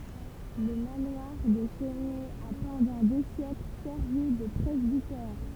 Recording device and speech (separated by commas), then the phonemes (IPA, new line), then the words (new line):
temple vibration pickup, read sentence
lə manwaʁ də la ʃɛsnɛ a pɑ̃dɑ̃ de sjɛkl sɛʁvi də pʁɛzbitɛʁ
Le manoir de la Chesnay a pendant des siècles servi de presbytère.